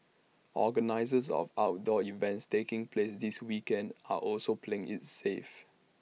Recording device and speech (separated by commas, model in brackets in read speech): mobile phone (iPhone 6), read sentence